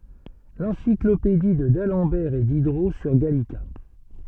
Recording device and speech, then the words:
soft in-ear microphone, read sentence
L'encyclopédie de d'Alembert et Diderot sur Gallica.

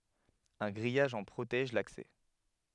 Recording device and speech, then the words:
headset microphone, read sentence
Un grillage en protège l'accès.

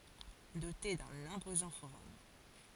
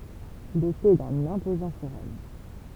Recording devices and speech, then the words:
forehead accelerometer, temple vibration pickup, read sentence
Dotée d'un imposant forum.

